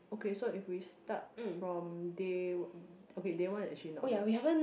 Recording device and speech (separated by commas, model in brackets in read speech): boundary microphone, conversation in the same room